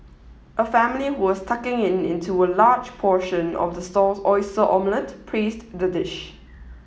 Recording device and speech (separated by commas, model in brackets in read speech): mobile phone (iPhone 7), read sentence